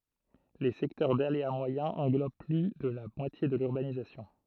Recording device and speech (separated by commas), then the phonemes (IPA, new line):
throat microphone, read sentence
le sɛktœʁ dalea mwajɛ̃ ɑ̃ɡlob ply də la mwatje də lyʁbanizasjɔ̃